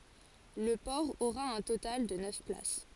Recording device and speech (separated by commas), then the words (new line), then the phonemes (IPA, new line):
forehead accelerometer, read sentence
Le port aura un total de neuf places.
lə pɔʁ oʁa œ̃ total də nœf plas